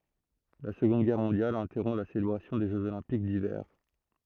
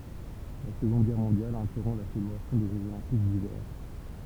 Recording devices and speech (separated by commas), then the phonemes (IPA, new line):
throat microphone, temple vibration pickup, read sentence
la səɡɔ̃d ɡɛʁ mɔ̃djal ɛ̃tɛʁɔ̃ la selebʁasjɔ̃ de ʒøz olɛ̃pik divɛʁ